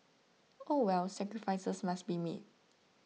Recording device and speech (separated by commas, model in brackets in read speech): mobile phone (iPhone 6), read sentence